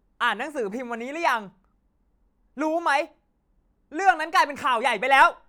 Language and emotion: Thai, angry